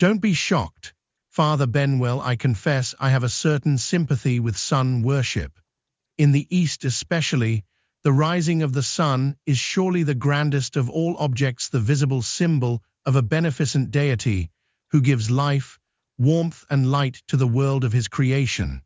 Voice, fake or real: fake